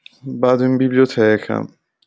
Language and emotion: Italian, sad